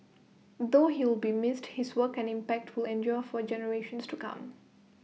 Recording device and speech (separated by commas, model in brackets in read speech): mobile phone (iPhone 6), read sentence